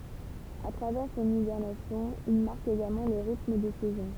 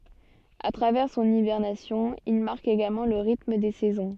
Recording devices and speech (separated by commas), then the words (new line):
temple vibration pickup, soft in-ear microphone, read sentence
A travers son hibernation, il marque également le rythme des saisons.